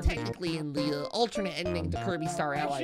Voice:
Nerd voice